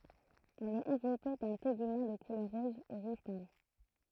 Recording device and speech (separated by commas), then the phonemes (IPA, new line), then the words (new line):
throat microphone, read sentence
ɛl ɛt ɑ̃vlɔpe dœ̃ teɡymɑ̃ də kulœʁ ʁɔz u ʁuʒ pal
Elle est enveloppée d'un tégument de couleur rose ou rouge pâle.